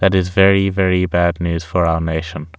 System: none